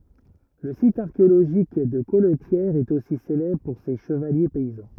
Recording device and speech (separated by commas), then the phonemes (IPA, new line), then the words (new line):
rigid in-ear microphone, read sentence
lə sit aʁkeoloʒik də kɔltjɛʁ ɛt osi selɛbʁ puʁ se ʃəvalje pɛizɑ̃
Le site archéologique de Colletière est aussi célèbre pour ses chevaliers paysans.